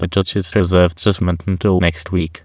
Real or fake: fake